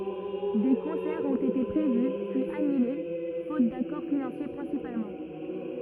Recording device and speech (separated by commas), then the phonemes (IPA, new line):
rigid in-ear microphone, read sentence
de kɔ̃sɛʁz ɔ̃t ete pʁevy pyiz anyle fot dakɔʁ finɑ̃sje pʁɛ̃sipalmɑ̃